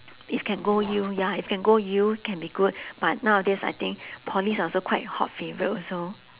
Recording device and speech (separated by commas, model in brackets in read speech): telephone, conversation in separate rooms